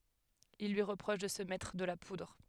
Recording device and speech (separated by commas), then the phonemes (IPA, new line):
headset microphone, read sentence
il lyi ʁəpʁɔʃ də sə mɛtʁ də la pudʁ